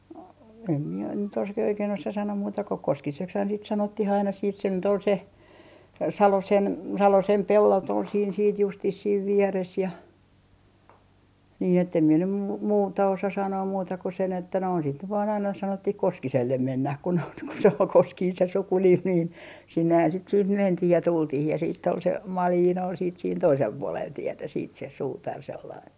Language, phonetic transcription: Finnish, em mie nyt os - ke- , oikein osa sanoom muuta ko "Koskisekshaan sit 'sanottih aina siit se nyt ‿ol se , "Salosen , "Salosem 'pellot ol siin siit justis siiv 'vieres ja , nii ettem mie nym mu - 'muuta osa sanoom muuta ku sen ‿että noin sit nyt vaan aina 'sanottih "Koskisellem 'mennäh ku noit ku se ol "Koskiin se 'sukunim niin , 'sinnehän siit siih 'mentih ja 'tultih ja siitt ‿ol se , "Maliin ol siit siin "toisel 'puolel 'tietä siit se , 'suutar sellain .
- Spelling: en minä nyt - - oikein osaa sanoa muuta kuin Koskiseksihan sitä sanottiin aina siitä se nyt oli se Salosen Salosen pellot oli siinä sitten justiin siinä vieressä ja niin että en minä nyt - muuta osaa sanoa muuta kuin sen että noin sitä nyt vain aina sanottiin Koskiselle mennään kun noita kun se oli Koskinen se sukunimi niin sinnehän sitten siihen mentiin ja tultiin ja sitten oli se Malinen oli sitten siinä toisella puolella tietä sitten se suutari sellainen

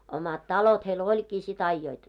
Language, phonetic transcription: Finnish, omat "talot heil 'oĺkii si't ‿aijjoit .
- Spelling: omat talot heillä olikin sitten ajoivat

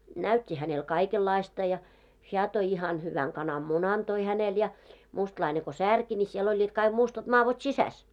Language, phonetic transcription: Finnish, näyt́t́i hänel 'kaikellaista ja , 'heä toi ihan hyväŋ 'kanam"munan toi 'hänel ja , mustlaine ko 'särki ńi siel oĺĺiit kaiɢ 'mustat 'maavot "sisäs .
- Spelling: näytti hänelle kaikenlaista ja hän toi ihan hyvän kananmunan toi hänelle ja mustalainen kun särki niin siellä olivat kaikki mustat madot sisässä

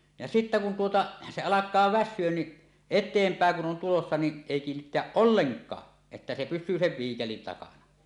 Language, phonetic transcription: Finnish, ja sittä kun tuota , 'se "alak̀aa "väs̆syön ni , 'et̆teempä̀eŋ kun 'on tulossa ni , 'èi 'kiinnitteäˀ "ˀolleŋk̀aa , että se pys̆syy sev 'viikelin 'takana .
- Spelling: ja sitten kun tuota se alkaa väsyä niin eteenpäin kun on tulossa niin ei kiinnittää ollenkaan että se pysyy sen viikelin takana

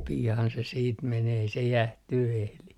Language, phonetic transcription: Finnish, 'pi₍an se siit 'menee ei se "jähtyy 'ehli .
- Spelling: pian se sitten menee ei se jäähtyä ehdi

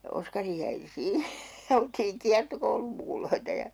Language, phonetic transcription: Finnish, ja 'Oskari jäi 'sii- , ja oltiiŋ 'kiartokoulummukuloita ja ,.
- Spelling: ja Oskari jäi - ja oltiin kiertokoulunmukuloita ja

